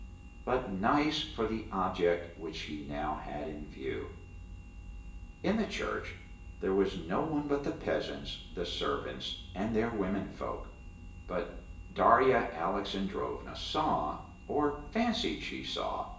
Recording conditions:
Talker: one person; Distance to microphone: 1.8 m; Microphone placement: close; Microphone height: 1.0 m; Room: large; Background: none

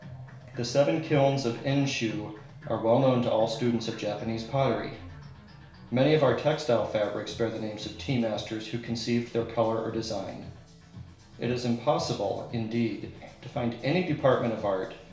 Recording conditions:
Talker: one person; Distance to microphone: 1.0 m; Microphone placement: close; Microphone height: 1.1 m; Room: small (3.7 m by 2.7 m); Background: music

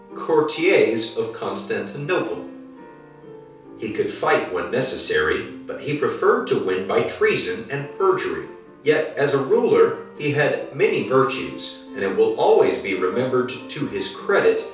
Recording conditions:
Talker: one person; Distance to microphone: 3.0 m; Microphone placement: far; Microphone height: 1.8 m; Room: small (3.7 m by 2.7 m); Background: music

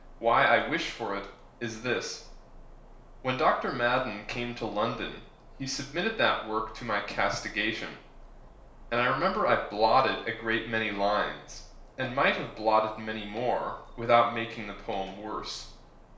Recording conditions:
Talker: one person; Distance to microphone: 1.0 m; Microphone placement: close; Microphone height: 1.1 m; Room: small (3.7 m by 2.7 m); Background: none

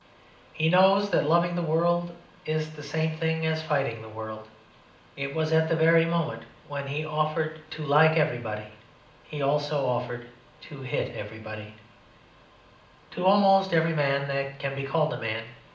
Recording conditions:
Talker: one person; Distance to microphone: 2.0 m; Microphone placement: close; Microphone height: 99 cm; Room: medium-sized (5.7 m by 4.0 m); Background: none

